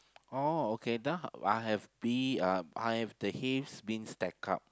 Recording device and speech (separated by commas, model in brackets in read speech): close-talking microphone, conversation in the same room